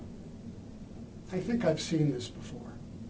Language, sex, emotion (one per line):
English
male
neutral